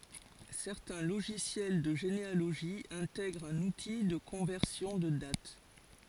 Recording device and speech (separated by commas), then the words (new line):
forehead accelerometer, read sentence
Certains logiciels de généalogie intègrent un outil de conversion de date.